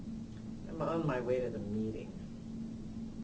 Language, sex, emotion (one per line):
English
female
sad